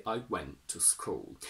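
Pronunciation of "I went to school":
The t in 'went' is glottalized.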